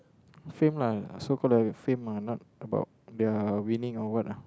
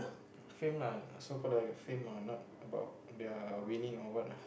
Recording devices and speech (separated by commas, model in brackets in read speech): close-talking microphone, boundary microphone, conversation in the same room